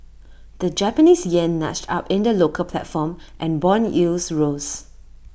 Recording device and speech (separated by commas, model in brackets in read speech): boundary microphone (BM630), read sentence